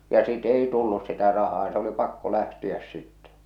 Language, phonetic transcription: Finnish, ja 'sit ‿ei 'tullus sitä 'rahaa s ‿oli 'pakko 'lähti₍äs sittɛ .
- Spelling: ja sitten ei tullut sitä rahaa se oli pakko lähteä sitten

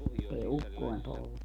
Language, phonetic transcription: Finnish, ett ‿ei "ukkoem 'polta .
- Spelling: että ei ukkonen polta

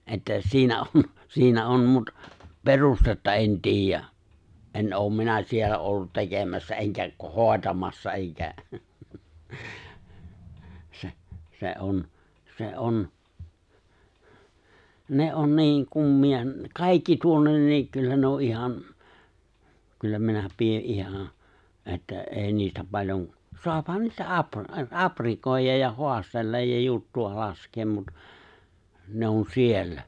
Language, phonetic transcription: Finnish, ’e̬ttä 'siinä '’on , 'siinä 'on 'mut , "pe̬rustetta 'e̬n 'ti̬ijjä , '’e̬n '’oom "minä 'siellä ollut "tekemässä 'e̬ŋkä "hòetamassa 'eŋkä , , 'se̬ , 'se̬ '’on , se̬ '’on , 'ne '’on 'niiŋ 'kummi₍a n- 'kàikki tuo niin ne 'kyllä ne o '’ihan̬ , 'kyllä minä 'pie’ '’iha’ , ’että '’è̬i niistä 'paĺjon , 'so̭aphan 'niistä '’apr- '’aprikòijjaj ja 'hoastellaj ja 'juttu₍a 'lask̀eem 'mut , 'ne on 'siellä .
- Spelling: että siinä on siinä on mutta perustetta en tiedä en ole minä siellä ollut tekemässä enkä hoitamassa enkä se se on se on ne on niin kummia - kaikki tuo niin ne kyllä ne on ihan kyllä minä pidän ihan että ei niistä paljon saahan niistä - aprikoida ja haastella ja juttua laskea mutta ne on siellä

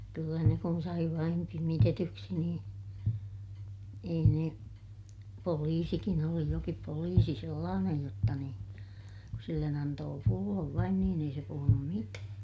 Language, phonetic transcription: Finnish, kyllä ne kun sai vain pimitetyksi niin , ei ne , poliisikin ‿oli jokip poliisi sellaanej jotta niin , kus sillen antoo pullov vain niin ‿ei se puhunum mitää .
- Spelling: kyllä ne kun sai vain pimitetyksi niin ei ne poliisikin oli jokin poliisi sellainen jotta niin kun sille antaa pullon vain niin ei se puhunut mitään

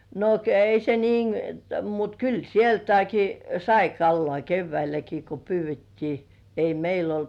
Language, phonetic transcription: Finnish, no k- 'ei se niin , mut kyl "sieltäiki "sai 'kalloà "kevväiläki ko 'pyyv̆vettii , ei "meil ‿olt .
- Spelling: no - ei se niin mutta kyllä sieltäkin sai kalaa keväälläkin kun pyydettiin ei meillä ollut

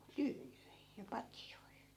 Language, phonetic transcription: Finnish, "tyynyi , ja "patjoi .
- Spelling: tyynyjä ja patjoja

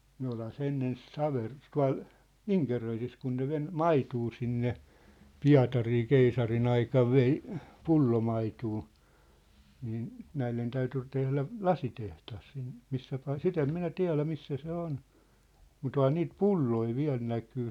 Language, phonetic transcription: Finnish, no olha se 'ennen "S̳̀aver- , 'tua̭l , "Iŋkeröisis kun ne 'Ven- , "maituu 'sinne , "Pia̭tarii "keisari'n ‿aikav "vei , "pullomaituu , niin , 'näillen 'täyty 'tehlä , "lasiteht̳as sin , 'missä pai- , 'sit ‿em 'minä 'tiä̭lä 'missä se 'on , mu't ‿ohan 'niit "pulloi "viä̭l näkyy .
- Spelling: no olihan se ennen - tuolla Inkeroisissa kun ne - maitoa sinne Pietarin keisarin aikana vei pullomaitoa niin näille täytyi tehdä lasitehdas sinne missä - sitä en minä tiedä missä se on mutta onhan niitä pulloja vielä näkyy

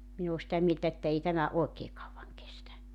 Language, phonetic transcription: Finnish, 'min ‿oo 'sⁱtä mieltä että 'ei 'tämä , 'òekee kauwvaŋ 'kestä .
- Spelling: minä olen sitä mieltä että ei tämä oikein kauan kestä

